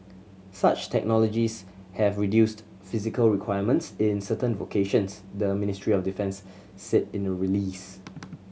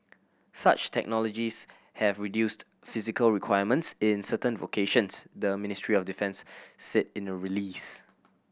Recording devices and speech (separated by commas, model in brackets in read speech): mobile phone (Samsung C7100), boundary microphone (BM630), read sentence